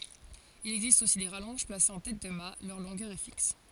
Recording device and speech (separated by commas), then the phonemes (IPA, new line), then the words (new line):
forehead accelerometer, read sentence
il ɛɡzist osi de ʁalɔ̃ʒ plasez ɑ̃ tɛt də mat lœʁ lɔ̃ɡœʁ ɛ fiks
Il existe aussi des rallonges placées en tête de mat, leur longueur est fixe.